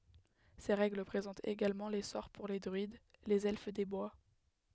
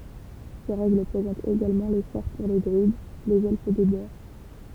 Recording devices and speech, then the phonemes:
headset microphone, temple vibration pickup, read sentence
se ʁɛɡl pʁezɑ̃tt eɡalmɑ̃ le sɔʁ puʁ le dʁyid lez ɛlf de bwa

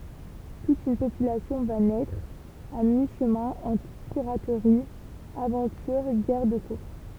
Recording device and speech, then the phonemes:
temple vibration pickup, read sentence
tut yn popylasjɔ̃ va nɛtʁ a mi ʃəmɛ̃ ɑ̃tʁ piʁatʁi avɑ̃tyʁ ɡɛʁ də kuʁs

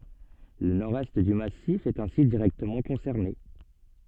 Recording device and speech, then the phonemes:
soft in-ear microphone, read sentence
lə nɔʁdɛst dy masif ɛt ɛ̃si diʁɛktəmɑ̃ kɔ̃sɛʁne

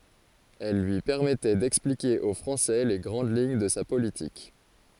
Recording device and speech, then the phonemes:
forehead accelerometer, read sentence
ɛl lyi pɛʁmɛtɛ dɛksplike o fʁɑ̃sɛ le ɡʁɑ̃d liɲ də sa politik

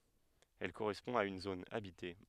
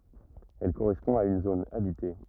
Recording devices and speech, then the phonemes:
headset microphone, rigid in-ear microphone, read sentence
ɛl koʁɛspɔ̃ a yn zon abite

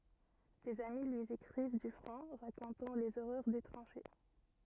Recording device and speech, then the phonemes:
rigid in-ear microphone, read sentence
dez ami lyi ekʁiv dy fʁɔ̃ ʁakɔ̃tɑ̃ lez oʁœʁ de tʁɑ̃ʃe

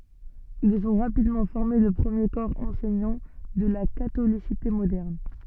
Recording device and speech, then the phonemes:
soft in-ear microphone, read sentence
ilz ɔ̃ ʁapidmɑ̃ fɔʁme lə pʁəmje kɔʁ ɑ̃sɛɲɑ̃ də la katolisite modɛʁn

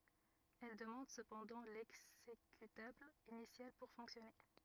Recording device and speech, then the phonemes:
rigid in-ear microphone, read sentence
ɛl dəmɑ̃d səpɑ̃dɑ̃ lɛɡzekytabl inisjal puʁ fɔ̃ksjɔne

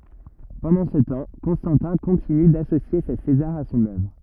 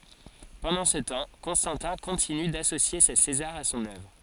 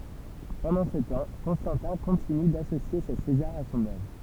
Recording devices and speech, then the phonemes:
rigid in-ear microphone, forehead accelerometer, temple vibration pickup, read sentence
pɑ̃dɑ̃ sə tɑ̃ kɔ̃stɑ̃tɛ̃ kɔ̃tiny dasosje se sezaʁz a sɔ̃n œvʁ

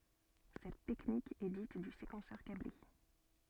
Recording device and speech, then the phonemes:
soft in-ear microphone, read sentence
sɛt tɛknik ɛ dit dy sekɑ̃sœʁ kable

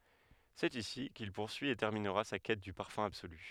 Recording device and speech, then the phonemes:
headset microphone, read sentence
sɛt isi kil puʁsyi e tɛʁminʁa sa kɛt dy paʁfœ̃ absoly

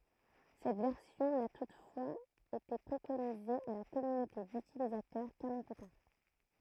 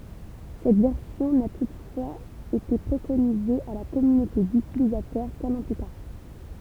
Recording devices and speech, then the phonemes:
throat microphone, temple vibration pickup, read sentence
sɛt vɛʁsjɔ̃ na tutfwaz ete pʁekonize a la kɔmynote dytilizatœʁ kœ̃n ɑ̃ ply taʁ

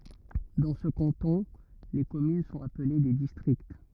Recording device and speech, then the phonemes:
rigid in-ear microphone, read sentence
dɑ̃ sə kɑ̃tɔ̃ le kɔmyn sɔ̃t aple de distʁikt

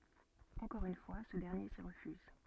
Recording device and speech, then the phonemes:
soft in-ear microphone, read sentence
ɑ̃kɔʁ yn fwa sə dɛʁnje si ʁəfyz

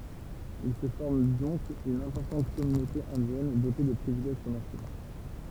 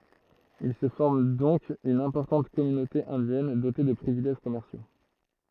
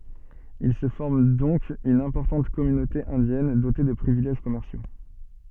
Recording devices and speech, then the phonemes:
temple vibration pickup, throat microphone, soft in-ear microphone, read sentence
il sə fɔʁm dɔ̃k yn ɛ̃pɔʁtɑ̃t kɔmynote ɛ̃djɛn dote də pʁivilɛʒ kɔmɛʁsjo

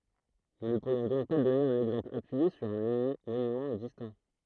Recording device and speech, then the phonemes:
throat microphone, read sentence
nu nə puʁjɔ̃ dɔ̃k dɔne œ̃n ɛɡzɑ̃pl apyije syʁ œ̃ monymɑ̃ ɛɡzistɑ̃

